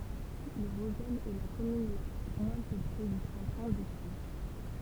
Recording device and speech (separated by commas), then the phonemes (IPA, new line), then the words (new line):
temple vibration pickup, read sentence
lə ʁozɛl ɛ la kɔmyn la mwɛ̃ pøple dy kɑ̃tɔ̃ de pjø
Le Rozel est la commune la moins peuplée du canton des Pieux.